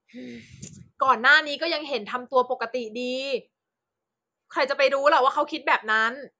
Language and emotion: Thai, frustrated